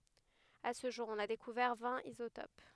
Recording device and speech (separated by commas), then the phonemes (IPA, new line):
headset microphone, read sentence
a sə ʒuʁ ɔ̃n a dekuvɛʁ vɛ̃t izotop